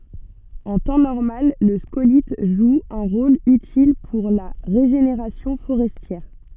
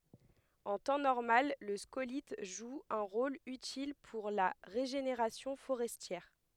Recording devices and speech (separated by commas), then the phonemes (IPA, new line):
soft in-ear microphone, headset microphone, read sentence
ɑ̃ tɑ̃ nɔʁmal lə skolit ʒu œ̃ ʁol ytil puʁ la ʁeʒeneʁasjɔ̃ foʁɛstjɛʁ